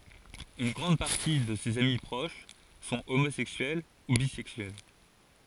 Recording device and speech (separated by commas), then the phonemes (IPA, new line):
forehead accelerometer, read sentence
yn ɡʁɑ̃d paʁti də sez ami pʁoʃ sɔ̃ omozɛksyɛl u bizɛksyɛl